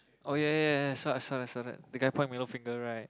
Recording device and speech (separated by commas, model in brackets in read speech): close-talking microphone, conversation in the same room